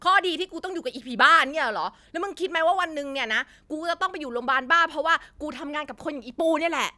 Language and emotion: Thai, angry